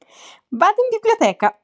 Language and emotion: Italian, happy